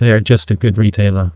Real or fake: fake